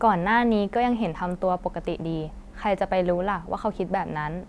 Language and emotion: Thai, neutral